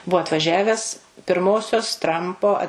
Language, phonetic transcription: Lithuanian, ˈbuo atvaˈžiaves pirˈmosios ˈtrampo a

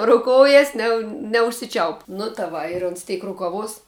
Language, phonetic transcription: Lithuanian, o rouˈkoujas ne neužsiˈčiaup nu ta ˈva ir ons ˈteik rukaˈvos

